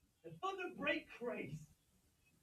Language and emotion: English, disgusted